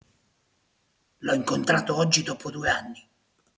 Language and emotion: Italian, angry